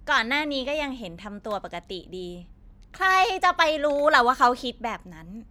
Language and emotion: Thai, frustrated